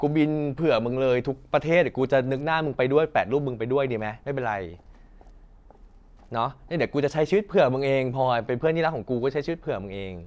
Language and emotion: Thai, frustrated